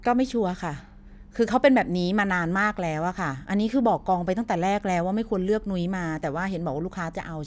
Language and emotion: Thai, frustrated